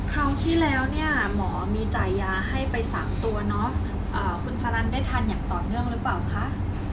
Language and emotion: Thai, neutral